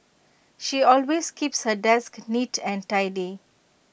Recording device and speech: boundary microphone (BM630), read sentence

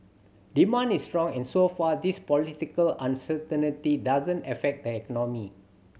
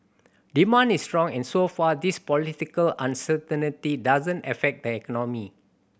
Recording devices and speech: mobile phone (Samsung C7100), boundary microphone (BM630), read sentence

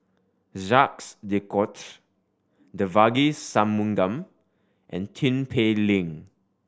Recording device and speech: standing microphone (AKG C214), read sentence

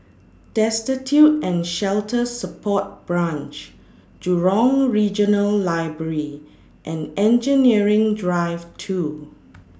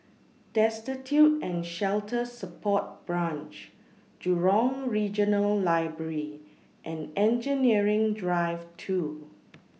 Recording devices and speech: standing microphone (AKG C214), mobile phone (iPhone 6), read sentence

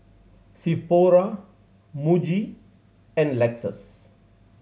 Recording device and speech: mobile phone (Samsung C7100), read sentence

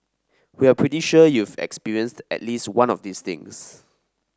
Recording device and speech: standing microphone (AKG C214), read sentence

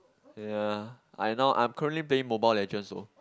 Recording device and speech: close-talking microphone, conversation in the same room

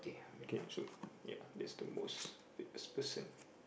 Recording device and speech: boundary microphone, conversation in the same room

